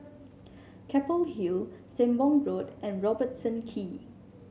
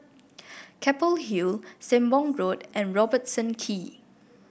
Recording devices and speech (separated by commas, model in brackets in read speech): mobile phone (Samsung C7), boundary microphone (BM630), read sentence